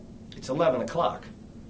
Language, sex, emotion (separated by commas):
English, male, neutral